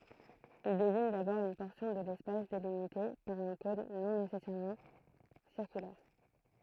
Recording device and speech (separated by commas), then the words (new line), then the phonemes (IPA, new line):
throat microphone, read sentence
Il désigne d'abord une portion de l’espace délimitée par un cône non nécessairement circulaire.
il deziɲ dabɔʁ yn pɔʁsjɔ̃ də lɛspas delimite paʁ œ̃ kɔ̃n nɔ̃ nesɛsɛʁmɑ̃ siʁkylɛʁ